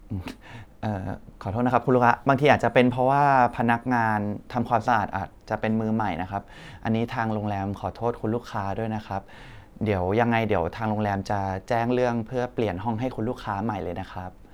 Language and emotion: Thai, neutral